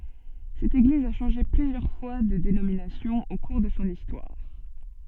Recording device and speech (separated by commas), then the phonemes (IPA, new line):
soft in-ear microphone, read sentence
sɛt eɡliz a ʃɑ̃ʒe plyzjœʁ fwa də denominasjɔ̃ o kuʁ də sɔ̃ istwaʁ